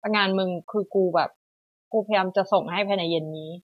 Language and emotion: Thai, frustrated